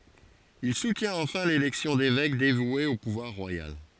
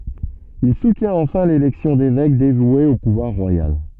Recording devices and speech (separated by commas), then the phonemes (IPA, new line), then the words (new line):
forehead accelerometer, soft in-ear microphone, read sentence
il sutjɛ̃t ɑ̃fɛ̃ lelɛksjɔ̃ devɛk devwez o puvwaʁ ʁwajal
Il soutient enfin l’élection d’évêques dévoués au pouvoir royal.